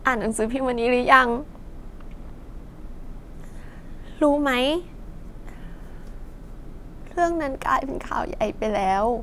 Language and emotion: Thai, sad